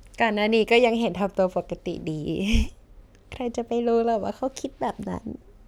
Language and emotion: Thai, happy